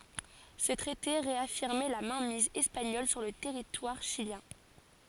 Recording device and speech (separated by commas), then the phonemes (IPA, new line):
forehead accelerometer, read sentence
sə tʁɛte ʁeafiʁmɛ la mɛ̃miz ɛspaɲɔl syʁ lə tɛʁitwaʁ ʃiljɛ̃